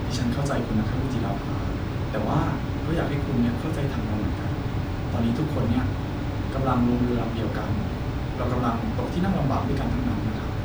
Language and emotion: Thai, frustrated